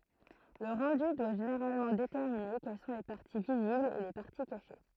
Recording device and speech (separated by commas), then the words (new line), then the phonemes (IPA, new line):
throat microphone, read sentence
Le rendu doit généralement déterminer quelles sont les parties visibles et les parties cachées.
lə ʁɑ̃dy dwa ʒeneʁalmɑ̃ detɛʁmine kɛl sɔ̃ le paʁti viziblz e le paʁti kaʃe